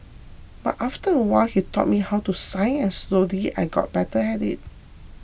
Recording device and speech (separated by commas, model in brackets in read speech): boundary microphone (BM630), read sentence